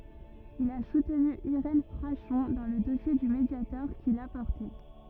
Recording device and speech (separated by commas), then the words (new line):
rigid in-ear microphone, read sentence
Il a soutenu Irène Frachon dans le dossier du Mediator qu'il a porté.